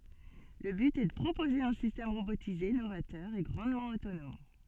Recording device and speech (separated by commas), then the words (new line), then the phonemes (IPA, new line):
soft in-ear microphone, read sentence
Le but est de proposer un système robotisé novateur et grandement autonome.
lə byt ɛ də pʁopoze œ̃ sistɛm ʁobotize novatœʁ e ɡʁɑ̃dmɑ̃ otonɔm